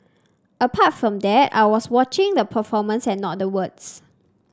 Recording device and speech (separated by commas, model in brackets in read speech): standing microphone (AKG C214), read sentence